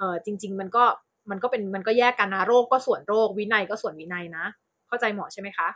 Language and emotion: Thai, neutral